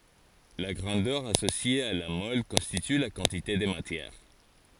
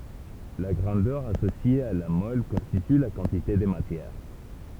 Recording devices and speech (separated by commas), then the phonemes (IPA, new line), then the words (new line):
forehead accelerometer, temple vibration pickup, read sentence
la ɡʁɑ̃dœʁ asosje a la mɔl kɔ̃stity la kɑ̃tite də matjɛʁ
La grandeur associée à la mole constitue la quantité de matière.